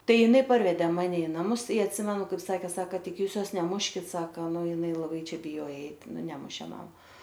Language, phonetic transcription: Lithuanian, ˈtai jiˈnai ˈparvede ˈmane i naˈmus i atˈsimenu kaip ˈsake ˈsaka ˈtik ˈjūs ˈjos neˈmuškit ˈsaka ˈnu jiˈnai laˈbai ˈčia biˈjoja ˈeit ˈnu ˈnemušė ˈmam

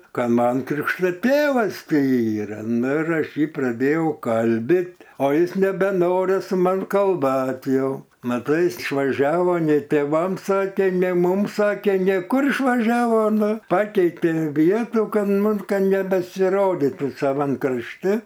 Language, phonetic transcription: Lithuanian, ˈka ˈman ˈkrikšto ˈtėvas ti ˈyra nu ir ˈaš ˈjį praˈdėjau ˈkalbit o ˈjis nebeˈnori su ˈman kalˈbat ˈjau maˈtai ˈis išvaˈžiavo nei tėˈvam ˈsake ˈnė ˈmum ˈsake ˈnė ˈkur išvaˈžiavo ˈnu ˈpakeitė ˈvietų ˈkad ˈmum ˈka nebesiˈroditu saˈvam krašˈti

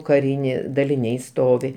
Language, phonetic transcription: Lithuanian, kaˈrinė daliˈniai ˈstovi

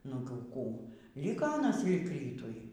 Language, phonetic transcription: Lithuanian, nu ˈkų ˈliko aˈnas lig ˈrytui

